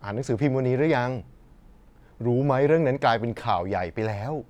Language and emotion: Thai, neutral